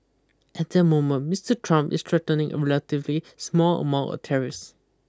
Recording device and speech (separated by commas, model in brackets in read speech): close-talking microphone (WH20), read sentence